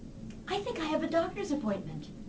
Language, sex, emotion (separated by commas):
English, female, neutral